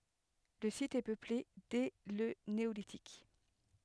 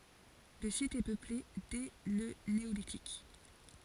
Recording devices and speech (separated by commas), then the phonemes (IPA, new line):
headset microphone, forehead accelerometer, read sentence
lə sit ɛ pøple dɛ lə neolitik